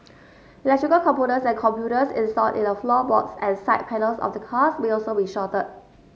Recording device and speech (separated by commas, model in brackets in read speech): mobile phone (Samsung S8), read sentence